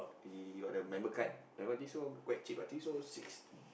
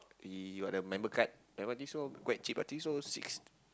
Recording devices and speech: boundary microphone, close-talking microphone, conversation in the same room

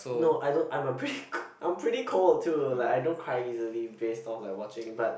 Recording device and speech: boundary microphone, conversation in the same room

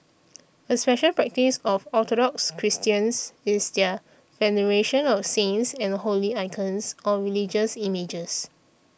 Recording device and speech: boundary microphone (BM630), read sentence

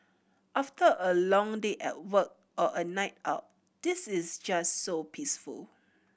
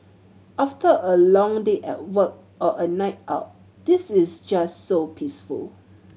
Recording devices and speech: boundary microphone (BM630), mobile phone (Samsung C7100), read sentence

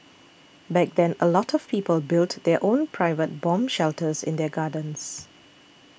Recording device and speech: boundary microphone (BM630), read sentence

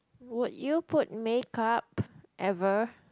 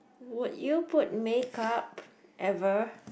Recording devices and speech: close-talking microphone, boundary microphone, conversation in the same room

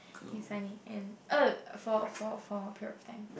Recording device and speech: boundary microphone, conversation in the same room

